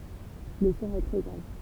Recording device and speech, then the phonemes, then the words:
temple vibration pickup, read sentence
lə sɔ̃ ɛ tʁɛ ɡʁav
Le son est très grave.

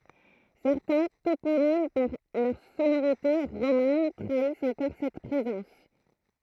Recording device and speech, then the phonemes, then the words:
throat microphone, read sentence
sɛʁtɛ̃ toponim paʁ lœʁ sonoʁite ʁoman tʁaist ɑ̃kɔʁ sɛt pʁezɑ̃s
Certains toponymes par leurs sonorités romanes trahissent encore cette présence.

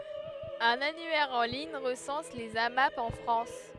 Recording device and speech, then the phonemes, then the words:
headset microphone, read sentence
œ̃n anyɛʁ ɑ̃ liɲ ʁəsɑ̃s lez amap ɑ̃ fʁɑ̃s
Un annuaire en ligne recense les Amap en France.

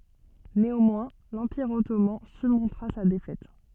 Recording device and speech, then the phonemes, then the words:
soft in-ear microphone, read sentence
neɑ̃mwɛ̃ lɑ̃piʁ ɔtoman syʁmɔ̃tʁa sa defɛt
Néanmoins, l'Empire Ottoman surmontera sa défaite.

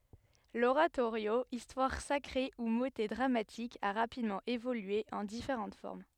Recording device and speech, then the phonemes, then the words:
headset microphone, read sentence
loʁatoʁjo istwaʁ sakʁe u motɛ dʁamatik a ʁapidmɑ̃ evolye ɑ̃ difeʁɑ̃t fɔʁm
L’oratorio, histoire sacrée ou motet dramatique a rapidement évolué en différentes formes.

